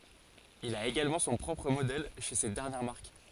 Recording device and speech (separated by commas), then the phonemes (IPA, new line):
forehead accelerometer, read sentence
il a eɡalmɑ̃ sɔ̃ pʁɔpʁ modɛl ʃe sɛt dɛʁnjɛʁ maʁk